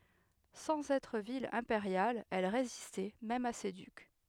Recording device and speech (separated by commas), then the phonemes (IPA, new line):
headset microphone, read sentence
sɑ̃z ɛtʁ vil ɛ̃peʁjal ɛl ʁezistɛ mɛm a se dyk